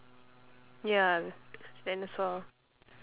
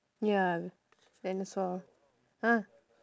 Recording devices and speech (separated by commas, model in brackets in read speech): telephone, standing microphone, conversation in separate rooms